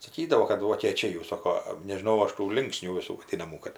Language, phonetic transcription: Lithuanian, saˈkydavo kad vokėˈčiai jau ˈsoko nežiˈnau ˈaš tų ˈlinksnių viˈsų vaˈdynamų kad

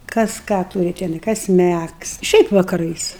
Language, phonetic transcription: Lithuanian, kas ˈką ˈtūri teˈnai ˈkas ˈmægs ˈšiaip vakaˈrais

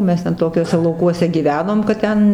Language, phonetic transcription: Lithuanian, ˈmes ten ˈtokiuose lauˈkuose gyˈvenom kad ˈten

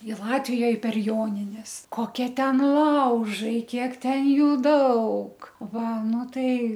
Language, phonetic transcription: Lithuanian, i ˈlatvijoj per ˈjonines koˈkie ˈten ˈlaužai ˈkiek ˈten ˈjų ˈdaug ˈva ˈnu ˈtai

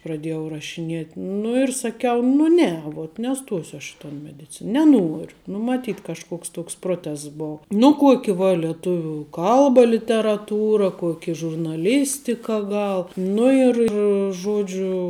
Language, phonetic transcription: Lithuanian, praˈdėjau rašiˈnėt' nu ir saˈkiau nu ˈne vuot neˈstosiu aš i ton mediˈcina neˈnuoriu ˈnu maˈtyt kažˈkoks ˈtoks ˈprotests ˈbou nu ˈkuoki va lieˈtuvių ˈkalba literaˈtūra ˈkuoki žurnaˈlistika ˈgal ˈnu ir ir ˈžodžiu

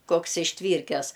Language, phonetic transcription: Lithuanian, ˈkoks išˈtvyrkes

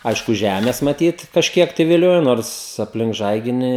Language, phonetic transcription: Lithuanian, ˈaišku ˈžemės maˈtyt kažˈkiek tai viˈliojo ˈnors apˈlink ˈžaiginį

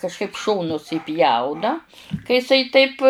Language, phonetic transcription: Lithuanian, kažˈkaip ˈšonus įˈpjauna ka jiˈsai ˈtaip

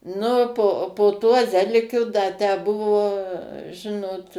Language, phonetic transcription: Lithuanian, ˈnu po po tuo ˈzelikiu da tę ˈbuvo ˈžinot

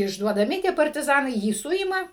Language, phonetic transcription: Lithuanian, išduodaˈmi tie partiˈzanai ˈjį ˈsuima

